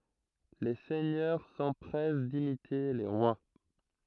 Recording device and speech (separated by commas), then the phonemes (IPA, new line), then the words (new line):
throat microphone, read sentence
le sɛɲœʁ sɑ̃pʁɛs dimite le ʁwa
Les seigneurs s'empressent d'imiter les rois.